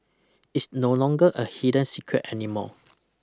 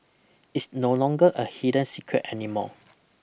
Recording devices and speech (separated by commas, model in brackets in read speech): close-talking microphone (WH20), boundary microphone (BM630), read sentence